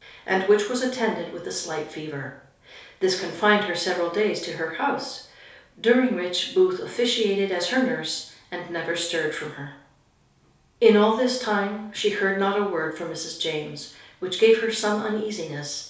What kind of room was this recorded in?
A compact room (about 3.7 m by 2.7 m).